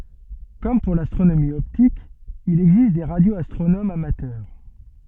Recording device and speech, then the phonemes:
soft in-ear microphone, read sentence
kɔm puʁ lastʁonomi ɔptik il ɛɡzist de ʁadjoastʁonomz amatœʁ

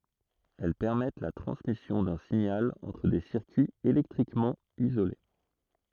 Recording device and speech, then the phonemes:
throat microphone, read sentence
ɛl pɛʁmɛt la tʁɑ̃smisjɔ̃ dœ̃ siɲal ɑ̃tʁ de siʁkyiz elɛktʁikmɑ̃ izole

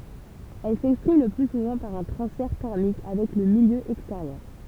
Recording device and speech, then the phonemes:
temple vibration pickup, read sentence
ɛl sɛkspʁim lə ply suvɑ̃ paʁ œ̃ tʁɑ̃sfɛʁ tɛʁmik avɛk lə miljø ɛksteʁjœʁ

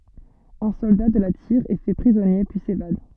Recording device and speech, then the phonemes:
soft in-ear microphone, read sentence
œ̃ sɔlda də la tiʁ ɛ fɛ pʁizɔnje pyi sevad

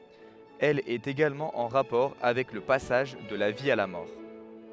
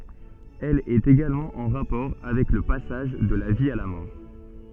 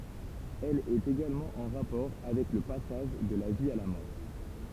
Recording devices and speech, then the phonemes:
headset microphone, soft in-ear microphone, temple vibration pickup, read sentence
ɛl ɛt eɡalmɑ̃ ɑ̃ ʁapɔʁ avɛk lə pasaʒ də la vi a la mɔʁ

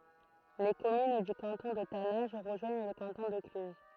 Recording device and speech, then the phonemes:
throat microphone, read sentence
le kɔmyn dy kɑ̃tɔ̃ də tanɛ̃ʒ ʁəʒwaɲ lə kɑ̃tɔ̃ də klyz

